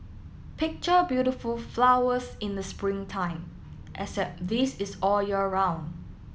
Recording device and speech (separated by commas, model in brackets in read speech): mobile phone (iPhone 7), read sentence